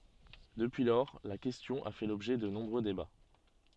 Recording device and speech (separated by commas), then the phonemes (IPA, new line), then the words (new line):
soft in-ear microphone, read sentence
dəpyi lɔʁ la kɛstjɔ̃ a fɛ lɔbʒɛ də nɔ̃bʁø deba
Depuis lors, la question a fait l'objet de nombreux débats.